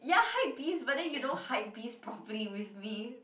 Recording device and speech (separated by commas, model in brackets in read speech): boundary microphone, conversation in the same room